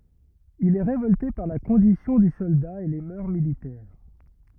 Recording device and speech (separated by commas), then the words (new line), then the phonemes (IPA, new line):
rigid in-ear microphone, read sentence
Il est révolté par la condition du soldat et les mœurs militaires.
il ɛ ʁevɔlte paʁ la kɔ̃disjɔ̃ dy sɔlda e le mœʁ militɛʁ